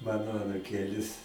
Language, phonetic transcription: Lithuanian, ˈmano anuˈkėlis

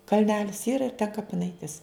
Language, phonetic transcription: Lithuanian, kalˈnelis ˈyra ir ten kapiˈnaitis

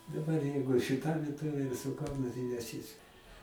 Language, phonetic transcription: Lithuanian, daˈbar ˈjeigu šiˈta vieˈtovė ir su ˈkaunu tai neˈsis

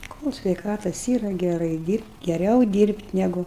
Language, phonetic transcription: Lithuanian, kol' sveiˈkatas ˈyra geˈrai ˈdyrbt' geˈriau ˈdyrbt' neˈgu

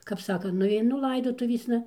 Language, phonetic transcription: Lithuanian, kap ˈsaka nuaiˈnu ˈlaidotuvėsna

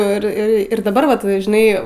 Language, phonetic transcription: Lithuanian, ir ˈir ir daˈbar ˈvat žiˈnai

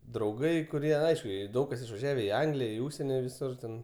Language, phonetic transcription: Lithuanian, drauˈgai kuˈrie ˈaišku ˈjie ˈdaug kas išvaˈžiave i ˈanglija i ˈūžseni viˈsur ten

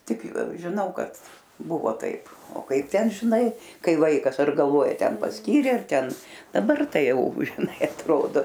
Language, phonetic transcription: Lithuanian, ˈtik žiˈnau ˈkad ˈbuvo ˈtaip o ˈkaip ˈten žiˈnai ˈkai ˈvaikas ar galˈvoja ˈten pasˈkyrė ar ˈten daˈbar ˈtai ˈjau žiˈnai atˈrodo

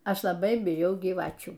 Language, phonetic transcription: Lithuanian, ˈaš laˈbai biˈjau gyˈvačių

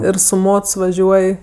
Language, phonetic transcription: Lithuanian, ˈir su ˈmots vaˈžiuoj

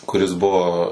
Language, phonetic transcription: Lithuanian, kuˈris ˈbuvo

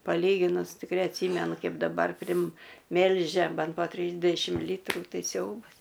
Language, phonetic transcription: Lithuanian, paˈlyginus tikˈrei atˈsymenu ˈkaip daˈbar primˈmelžia ˈben po ˈtrysdešim ˈlytrų ˈtai ˈsiaubas

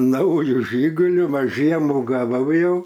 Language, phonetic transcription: Lithuanian, ˈnauju ˈžyguliu ˈva ˈžiemu gaˈvau ˈjau

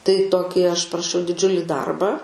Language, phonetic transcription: Lithuanian, tai ˈtoki aš paraˈšiau diˈdžiuli ˈdarbą

